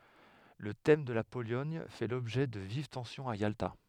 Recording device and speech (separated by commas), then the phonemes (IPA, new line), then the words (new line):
headset microphone, read sentence
lə tɛm də la polɔɲ fɛ lɔbʒɛ də viv tɑ̃sjɔ̃z a jalta
Le thème de la Pologne fait l’objet de vives tensions à Yalta.